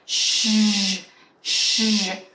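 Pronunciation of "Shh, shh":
This is the shh sound said with the voice switched on, so it is voiced rather than voiceless.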